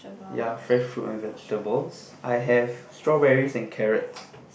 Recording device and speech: boundary microphone, conversation in the same room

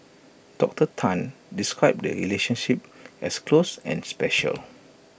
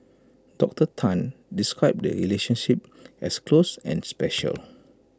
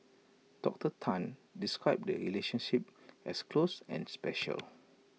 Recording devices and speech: boundary microphone (BM630), close-talking microphone (WH20), mobile phone (iPhone 6), read sentence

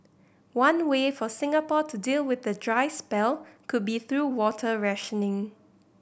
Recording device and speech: boundary microphone (BM630), read sentence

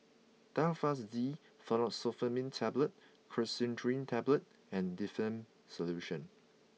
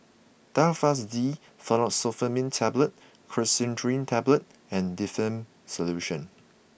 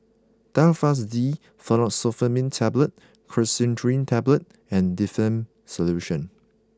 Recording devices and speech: mobile phone (iPhone 6), boundary microphone (BM630), close-talking microphone (WH20), read sentence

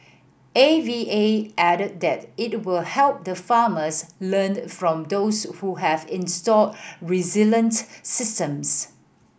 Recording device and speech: boundary microphone (BM630), read sentence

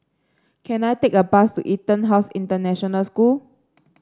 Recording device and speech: standing microphone (AKG C214), read sentence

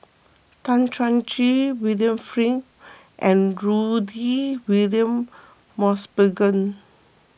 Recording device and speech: boundary microphone (BM630), read sentence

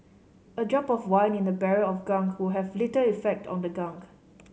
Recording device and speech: mobile phone (Samsung C5010), read sentence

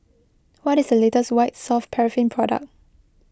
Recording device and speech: close-talking microphone (WH20), read sentence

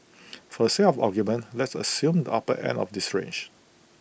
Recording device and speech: boundary microphone (BM630), read sentence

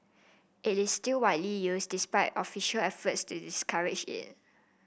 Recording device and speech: boundary microphone (BM630), read sentence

